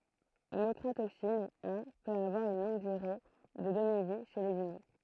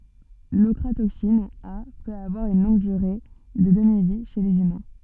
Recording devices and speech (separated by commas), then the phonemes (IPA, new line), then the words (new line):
throat microphone, soft in-ear microphone, read sentence
lɔkʁatoksin a pøt avwaʁ yn lɔ̃ɡ dyʁe də dəmivi ʃe lez ymɛ̃
L'ochratoxine A peut avoir une longue durée de demi-vie chez les humains.